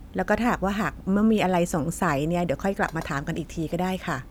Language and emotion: Thai, neutral